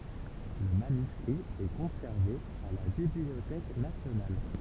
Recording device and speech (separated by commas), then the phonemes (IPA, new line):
temple vibration pickup, read sentence
lə manyskʁi ɛ kɔ̃sɛʁve a la bibliotɛk nasjonal